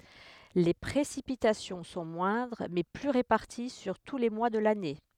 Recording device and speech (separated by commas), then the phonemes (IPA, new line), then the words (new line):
headset microphone, read sentence
le pʁesipitasjɔ̃ sɔ̃ mwɛ̃dʁ mɛ ply ʁepaʁti syʁ tu le mwa də lane
Les précipitations sont moindres mais plus réparties sur tous les mois de l'année.